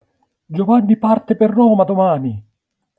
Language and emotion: Italian, surprised